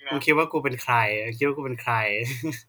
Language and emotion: Thai, happy